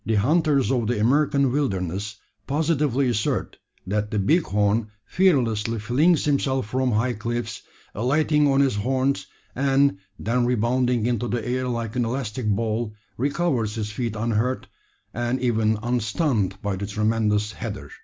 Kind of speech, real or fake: real